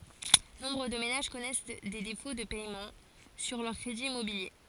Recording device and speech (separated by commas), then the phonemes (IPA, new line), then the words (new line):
forehead accelerometer, read sentence
nɔ̃bʁ də menaʒ kɔnɛs de defo də pɛmɑ̃ syʁ lœʁ kʁediz immobilje
Nombre de ménages connaissent des défauts de paiements sur leurs crédits immobiliers.